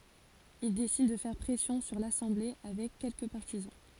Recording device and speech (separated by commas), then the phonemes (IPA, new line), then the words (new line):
forehead accelerometer, read sentence
il desid də fɛʁ pʁɛsjɔ̃ syʁ lasɑ̃ble avɛk kɛlkə paʁtizɑ̃
Il décide de faire pression sur l'assemblée avec quelques partisans.